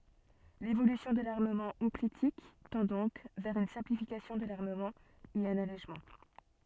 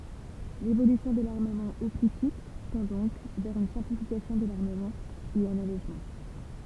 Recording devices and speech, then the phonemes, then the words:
soft in-ear microphone, temple vibration pickup, read sentence
levolysjɔ̃ də laʁməmɑ̃ ɔplitik tɑ̃ dɔ̃k vɛʁ yn sɛ̃plifikasjɔ̃ də laʁməmɑ̃ e œ̃n alɛʒmɑ̃
L'évolution de l'armement hoplitique tend donc vers une simplification de l'armement et un allègement.

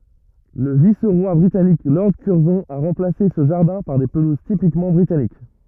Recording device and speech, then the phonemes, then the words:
rigid in-ear microphone, read sentence
lə vis ʁwa bʁitanik lɔʁd kyʁzɔ̃ a ʁɑ̃plase sə ʒaʁdɛ̃ paʁ de pəluz tipikmɑ̃ bʁitanik
Le vice-roi britannique Lord Curzon a remplacé ce jardin par des pelouses typiquement britanniques.

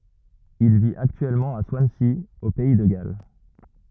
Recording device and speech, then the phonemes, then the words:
rigid in-ear microphone, read sentence
il vit aktyɛlmɑ̃ a swansi o pɛi də ɡal
Il vit actuellement à Swansea, au pays de Galles.

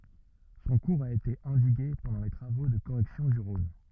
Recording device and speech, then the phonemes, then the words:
rigid in-ear microphone, read sentence
sɔ̃ kuʁz a ete ɑ̃diɡe pɑ̃dɑ̃ le tʁavo də koʁɛksjɔ̃ dy ʁɔ̃n
Son cours a été endigué pendant les travaux de correction du Rhône.

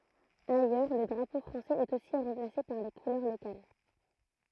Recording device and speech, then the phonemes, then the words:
throat microphone, read sentence
ajœʁ lə dʁapo fʁɑ̃sɛz ɛt osi ʁɑ̃plase paʁ le kulœʁ lokal
Ailleurs le drapeau français est aussi remplacé par les couleurs locales.

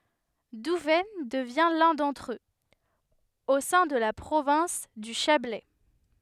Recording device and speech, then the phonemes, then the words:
headset microphone, read sentence
duvɛn dəvjɛ̃ lœ̃ dɑ̃tʁ øz o sɛ̃ də la pʁovɛ̃s dy ʃablɛ
Douvaine devient l'un d'entre eux, au sein de la province du Chablais.

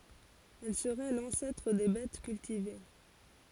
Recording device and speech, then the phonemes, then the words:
forehead accelerometer, read sentence
ɛl səʁɛ lɑ̃sɛtʁ de bɛt kyltive
Elle serait l'ancêtre des bettes cultivées.

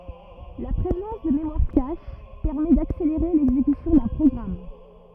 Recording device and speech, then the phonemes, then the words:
rigid in-ear microphone, read sentence
la pʁezɑ̃s də memwaʁ kaʃ pɛʁmɛ dakseleʁe lɛɡzekysjɔ̃ dœ̃ pʁɔɡʁam
La présence de mémoire cache permet d'accélérer l'exécution d'un programme.

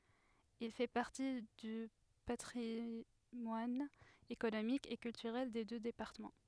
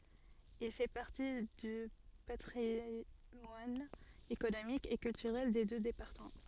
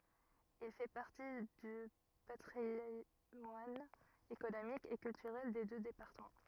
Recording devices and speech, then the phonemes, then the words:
headset microphone, soft in-ear microphone, rigid in-ear microphone, read sentence
il fɛ paʁti dy patʁimwan ekonomik e kyltyʁɛl de dø depaʁtəmɑ̃
Il fait partie du patrimoine économique et culturel des deux départements.

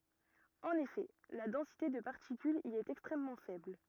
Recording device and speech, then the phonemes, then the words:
rigid in-ear microphone, read sentence
ɑ̃n efɛ la dɑ̃site də paʁtikylz i ɛt ɛkstʁɛmmɑ̃ fɛbl
En effet, la densité de particules y est extrêmement faible.

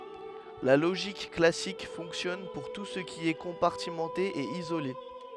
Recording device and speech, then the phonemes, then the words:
headset microphone, read sentence
la loʒik klasik fɔ̃ksjɔn puʁ tu sə ki ɛ kɔ̃paʁtimɑ̃te e izole
La logique classique fonctionne pour tout ce qui est compartimenté et isolé.

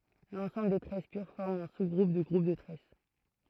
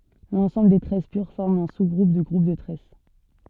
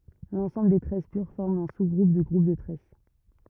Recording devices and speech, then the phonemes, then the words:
throat microphone, soft in-ear microphone, rigid in-ear microphone, read sentence
lɑ̃sɑ̃bl de tʁɛs pyʁ fɔʁm œ̃ suzɡʁup dy ɡʁup də tʁɛs
L'ensemble des tresses pures forme un sous-groupe du groupe de tresses.

